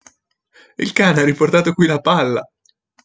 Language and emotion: Italian, happy